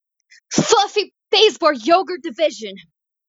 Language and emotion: English, disgusted